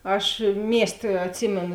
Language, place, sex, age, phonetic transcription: Lithuanian, Žemaitija, female, 18-60, ˈaš ˈmiesˌtė atˈsymėnu

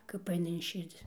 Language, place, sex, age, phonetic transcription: Lithuanian, Dzūkija, female, 60+, kap ˈaina in ˈširdzi

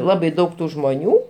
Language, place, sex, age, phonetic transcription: Lithuanian, Aukštaitija, male, 60+, ˈlabai ˈdaug ˈtų žmoˈnių

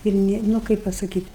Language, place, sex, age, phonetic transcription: Lithuanian, Aukštaitija, female, 60+, ir ˈni nu ˈkaip pasaˈkyt'

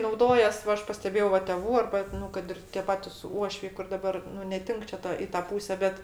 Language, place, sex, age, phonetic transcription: Lithuanian, Aukštaitija, female, 60+, nauˈdojas ˈva ˈaš pasteˈbėjau ˈva teˈvų ˈarba ˈnu kad ir tė ˈpatis ˈuošviai kur daˈbar ˈnu neˈtink čia ˈta i ˈtą ˈpūse ˈbet

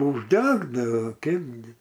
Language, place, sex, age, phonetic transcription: Lithuanian, Aukštaitija, male, 60+, užˈdegdao ˈkeipgi

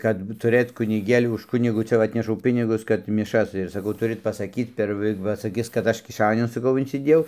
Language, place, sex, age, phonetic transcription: Lithuanian, Dzūkija, male, 60+, kad ˈbūt tuˈrɘt kuniˈgėliu už ˈkunigu ˈcia va ˈatnešau ˈpinigus kad miˈšas ir saˈkau ˈturɨt pasaˈkyt per ˈva ˈva saˈkis kad ˈaš kiˈšaniun saˈkau insiˈdėjau

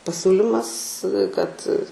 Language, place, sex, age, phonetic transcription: Lithuanian, Aukštaitija, female, 18-60, paˈsiūlimas kad

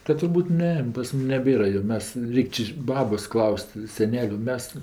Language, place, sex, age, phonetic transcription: Lithuanian, Aukštaitija, female, 60+, kad turˈbūt ˈne pas ˈmum neˈbėra jo ˈmes ˈreik' či ˈbabos ˈklaus't' seˈneliu ˈmes

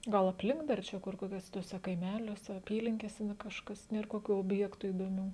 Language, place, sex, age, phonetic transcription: Lithuanian, Žemaitija, female, 18-60, ˈgal apˈlink dar ˈčia kur kokiuoˈse tuoˈse kaiˈmeliuose aˈpylinkėse na ˈkažkas ˈnėr koˈkių obˈjektų įdoˈmių

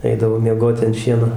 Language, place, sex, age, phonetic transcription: Lithuanian, Dzūkija, male, 60+, ˈeidavo ˈmiegot' an ˈšieno

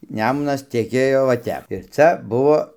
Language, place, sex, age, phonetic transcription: Lithuanian, Dzūkija, male, 60+, ˈnemunas teˈkėjo va ˈtep ir ˈcia ˈbuvo

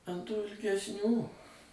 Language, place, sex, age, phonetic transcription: Lithuanian, Suvalkija, male, 60+, an tų ilgesˈnių

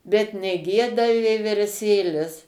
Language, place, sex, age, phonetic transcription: Lithuanian, Suvalkija, female, 60+, bet neˈgieda vieverˈsėlis

